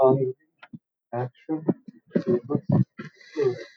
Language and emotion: English, fearful